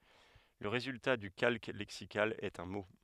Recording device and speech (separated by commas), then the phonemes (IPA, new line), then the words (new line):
headset microphone, read sentence
lə ʁezylta dy kalk lɛksikal ɛt œ̃ mo
Le résultat du calque lexical est un mot.